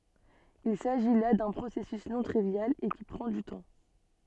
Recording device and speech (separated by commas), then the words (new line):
soft in-ear microphone, read sentence
Il s'agit là d'un processus non trivial, et qui prend du temps.